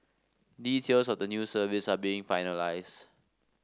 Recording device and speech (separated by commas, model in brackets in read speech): standing microphone (AKG C214), read sentence